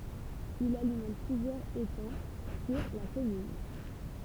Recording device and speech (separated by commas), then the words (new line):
temple vibration pickup, read sentence
Il alimente plusieurs étangs sur la commune.